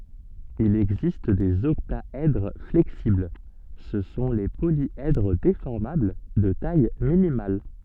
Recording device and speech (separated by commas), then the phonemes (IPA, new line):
soft in-ear microphone, read sentence
il ɛɡzist dez ɔktaɛdʁ flɛksibl sə sɔ̃ le poljɛdʁ defɔʁmabl də taj minimal